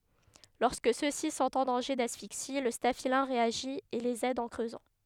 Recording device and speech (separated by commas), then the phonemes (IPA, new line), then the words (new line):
headset microphone, read sentence
lɔʁskə sø si sɔ̃t ɑ̃ dɑ̃ʒe dasfiksi lə stafilɛ̃ ʁeaʒi e lez ɛd ɑ̃ kʁøzɑ̃
Lorsque ceux-ci sont en danger d'asphyxie, le staphylin réagit et les aide en creusant.